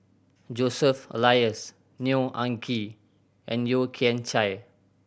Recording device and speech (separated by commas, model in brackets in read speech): boundary microphone (BM630), read sentence